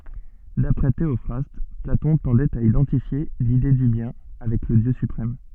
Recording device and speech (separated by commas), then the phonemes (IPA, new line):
soft in-ear microphone, read sentence
dapʁɛ teɔfʁast platɔ̃ tɑ̃dɛt a idɑ̃tifje lide dy bjɛ̃ avɛk lə djø sypʁɛm